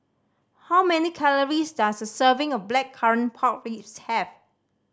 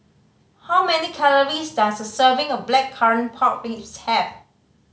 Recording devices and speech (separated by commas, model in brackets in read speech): standing microphone (AKG C214), mobile phone (Samsung C5010), read sentence